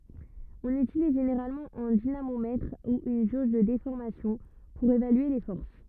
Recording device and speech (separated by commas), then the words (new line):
rigid in-ear microphone, read sentence
On utilise généralement un dynamomètre ou une jauge de déformation pour évaluer les forces.